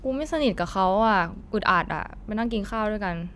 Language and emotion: Thai, frustrated